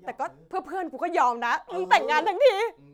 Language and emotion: Thai, happy